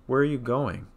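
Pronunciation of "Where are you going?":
The question ends with falling intonation: the voice falls on 'going'.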